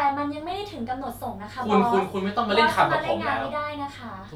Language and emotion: Thai, frustrated